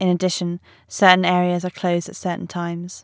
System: none